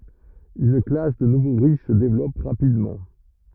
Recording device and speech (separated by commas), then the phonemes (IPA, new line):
rigid in-ear microphone, read sentence
yn klas də nuvo ʁiʃ sə devlɔp ʁapidmɑ̃